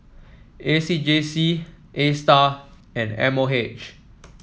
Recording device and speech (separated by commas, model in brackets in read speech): mobile phone (iPhone 7), read sentence